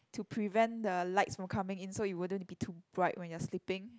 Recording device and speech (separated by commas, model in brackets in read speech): close-talking microphone, conversation in the same room